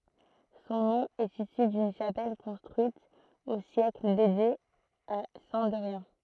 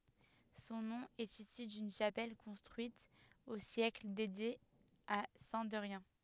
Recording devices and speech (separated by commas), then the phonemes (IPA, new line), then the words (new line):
throat microphone, headset microphone, read sentence
sɔ̃ nɔ̃ ɛt isy dyn ʃapɛl kɔ̃stʁyit o sjɛkl dedje a sɛ̃ dɛʁjɛ̃
Son nom est issu d'une chapelle, construite au siècle, dédiée à Saint-Derrien.